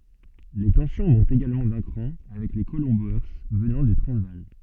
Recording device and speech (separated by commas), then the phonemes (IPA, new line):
soft in-ear microphone, read sentence
le tɑ̃sjɔ̃ mɔ̃tt eɡalmɑ̃ dœ̃ kʁɑ̃ avɛk le kolɔ̃ boe vənɑ̃ dy tʁɑ̃zvaal